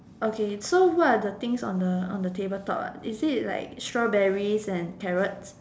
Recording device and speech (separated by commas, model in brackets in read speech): standing microphone, conversation in separate rooms